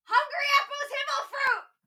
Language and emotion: English, fearful